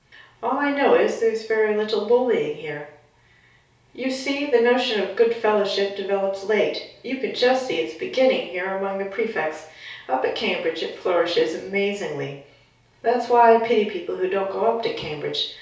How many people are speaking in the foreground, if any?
One person.